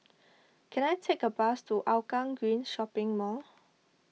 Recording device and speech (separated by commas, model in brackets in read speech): mobile phone (iPhone 6), read sentence